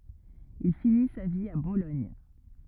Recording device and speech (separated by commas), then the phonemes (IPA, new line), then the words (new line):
rigid in-ear microphone, read sentence
il fini sa vi a bolɔɲ
Il finit sa vie à Bologne.